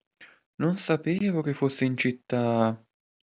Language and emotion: Italian, surprised